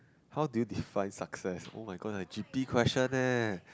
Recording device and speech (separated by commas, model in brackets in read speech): close-talking microphone, conversation in the same room